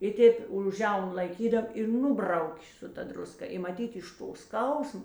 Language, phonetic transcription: Lithuanian, i ˈtėp už ˈžiaunu laiˈkydam i ˈnubraukė su ˈta druˈska i maˈtyt iš ˈto ˈskausmo

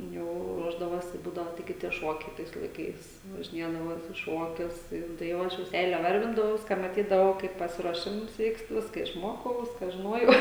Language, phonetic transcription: Lithuanian, ˈjau ˈruošdavosi ˈbūdavo taiˈgi tie ˈšuokiai ˈtais laiˈkais važiˈniedavo ˈjos i ˈšuokius ˈtai jau tai ˈjau ˈaš jau ˈseile ˈvarvindavaus ka maˈtydavau ˈkaip pasiruoˈšims ˈvykst ˈviska išˈmokau ˈviska žiˈnojau

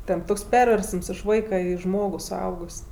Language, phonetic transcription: Lithuanian, ten ˈtoks ˈperversəms iš ˈvaika ˈį ˈžmogu suˈaugus'

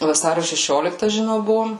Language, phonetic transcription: Lithuanian, vaˈsario šeˈšiolikta žiˈnau ˈbuvom

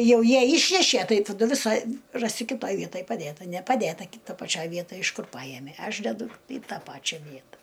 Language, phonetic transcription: Lithuanian, ˈjau ˈjie ˈyšnešie ˈtai taˈdu viˈsa ˈrasi kiˈtoj ˈvietaj paˈdėta nepaˈdėta ki ˈtoj paˈčioj ˈvietaj iš ˈkur ˈpajemė ˈaš deˈdu į ˈtą ˈpačia ˈvieta

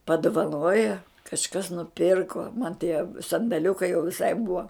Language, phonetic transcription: Lithuanian, paduvaˈnoja kažˈkas nuˈpirko man tie sandaˈliukai jau viˈsai bua

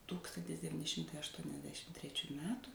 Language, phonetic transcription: Lithuanian, ˈtūkstantis deviˈni ˈšimtai aštuoniasˈdešim treˈčių ˈmetu

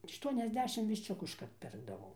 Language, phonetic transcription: Lithuanian, ˌaštuoniasˈdešim višˈčiuku išˈkart ˈpirkdavau

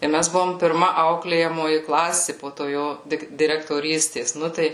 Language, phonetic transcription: Lithuanian, ir ˈmæs ˈbuvom pirˈma ˈauklėjamoji ˈklasi po to ˈjo ˈdik direktoˈrystės ˈnu tai

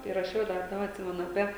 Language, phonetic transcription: Lithuanian, i raˈšiau dar ˈdaba atˈsimenu aˈpie

